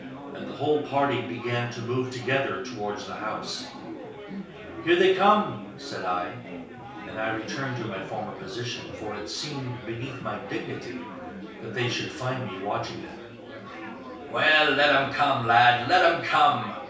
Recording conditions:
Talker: one person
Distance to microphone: 3.0 m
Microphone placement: far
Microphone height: 1.8 m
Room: small (3.7 m by 2.7 m)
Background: babble

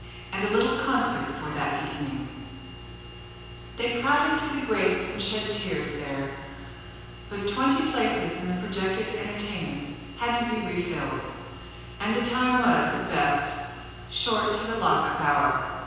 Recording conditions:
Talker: one person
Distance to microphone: 7.1 m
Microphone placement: far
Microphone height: 1.7 m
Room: very reverberant, large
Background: none

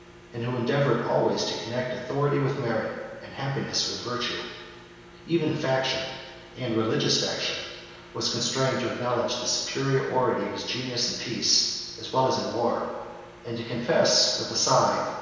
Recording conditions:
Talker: one person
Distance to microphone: 1.7 m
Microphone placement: close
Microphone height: 1.0 m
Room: very reverberant, large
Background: none

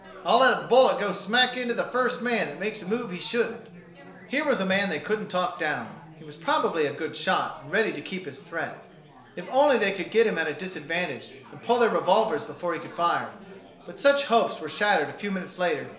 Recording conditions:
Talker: one person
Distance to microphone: 1.0 m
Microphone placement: close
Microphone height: 1.1 m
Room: small (3.7 m by 2.7 m)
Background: babble

